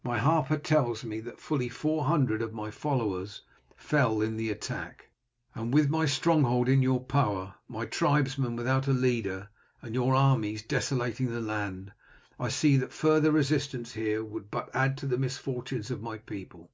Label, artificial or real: real